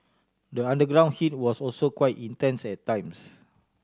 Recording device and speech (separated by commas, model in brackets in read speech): standing microphone (AKG C214), read sentence